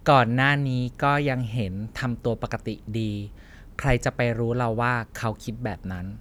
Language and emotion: Thai, neutral